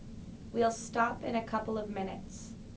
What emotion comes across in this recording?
neutral